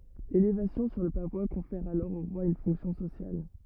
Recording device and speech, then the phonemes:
rigid in-ear microphone, read sentence
lelevasjɔ̃ syʁ lə pavwa kɔ̃fɛʁ alɔʁ o ʁwa yn fɔ̃ksjɔ̃ sosjal

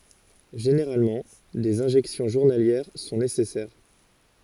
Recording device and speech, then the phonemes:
forehead accelerometer, read sentence
ʒeneʁalmɑ̃ dez ɛ̃ʒɛksjɔ̃ ʒuʁnaljɛʁ sɔ̃ nesɛsɛʁ

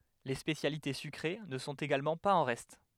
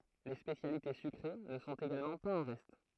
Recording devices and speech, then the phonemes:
headset microphone, throat microphone, read sentence
le spesjalite sykʁe nə sɔ̃t eɡalmɑ̃ paz ɑ̃ ʁɛst

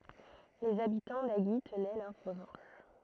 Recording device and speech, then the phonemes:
throat microphone, read sentence
lez abitɑ̃ aʒi tənɛ lœʁ ʁəvɑ̃ʃ

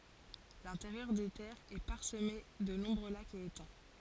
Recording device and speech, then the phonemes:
forehead accelerometer, read sentence
lɛ̃teʁjœʁ de tɛʁz ɛ paʁsəme də nɔ̃bʁø lakz e etɑ̃

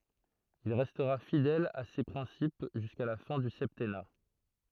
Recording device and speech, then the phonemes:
throat microphone, read sentence
il ʁɛstʁa fidɛl a se pʁɛ̃sip ʒyska la fɛ̃ dy sɛptɛna

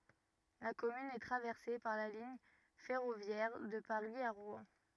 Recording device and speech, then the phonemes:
rigid in-ear microphone, read sentence
la kɔmyn ɛ tʁavɛʁse paʁ la liɲ fɛʁovjɛʁ də paʁi a ʁwɛ̃

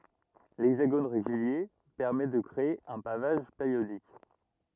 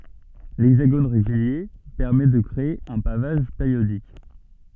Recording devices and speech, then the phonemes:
rigid in-ear microphone, soft in-ear microphone, read sentence
lɛɡzaɡon ʁeɡylje pɛʁmɛ də kʁee œ̃ pavaʒ peʁjodik

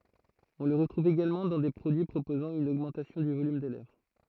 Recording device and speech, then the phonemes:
throat microphone, read sentence
ɔ̃ lə ʁətʁuv eɡalmɑ̃ dɑ̃ de pʁodyi pʁopozɑ̃ yn oɡmɑ̃tasjɔ̃ dy volym de lɛvʁ

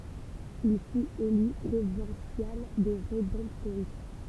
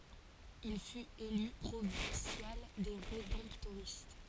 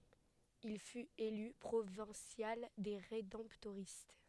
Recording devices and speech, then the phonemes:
temple vibration pickup, forehead accelerometer, headset microphone, read sentence
il fyt ely pʁovɛ̃sjal de ʁedɑ̃ptoʁist

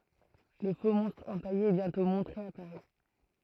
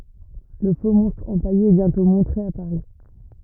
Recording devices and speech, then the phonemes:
throat microphone, rigid in-ear microphone, read sentence
lə foksmɔ̃stʁ ɑ̃paje ɛ bjɛ̃tɔ̃ mɔ̃tʁe a paʁi

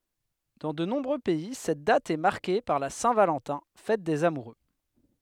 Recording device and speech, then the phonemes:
headset microphone, read sentence
dɑ̃ də nɔ̃bʁø pɛi sɛt dat ɛ maʁke paʁ la sɛ̃ valɑ̃tɛ̃ fɛt dez amuʁø

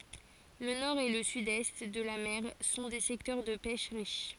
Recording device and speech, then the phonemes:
forehead accelerometer, read sentence
lə nɔʁ e lə sydɛst də la mɛʁ sɔ̃ de sɛktœʁ də pɛʃ ʁiʃ

